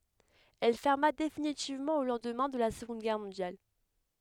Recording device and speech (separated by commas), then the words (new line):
headset microphone, read sentence
Elle ferma définitivement au lendemain de la Seconde Guerre mondiale.